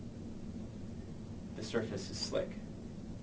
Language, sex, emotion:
English
male
neutral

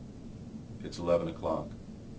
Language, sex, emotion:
English
male
neutral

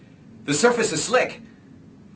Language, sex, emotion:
English
male
fearful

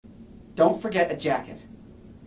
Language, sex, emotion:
English
male
neutral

